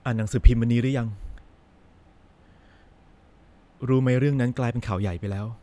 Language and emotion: Thai, sad